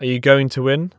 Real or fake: real